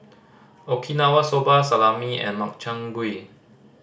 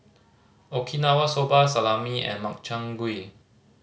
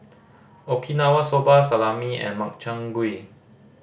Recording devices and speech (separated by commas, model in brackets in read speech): standing microphone (AKG C214), mobile phone (Samsung C5010), boundary microphone (BM630), read sentence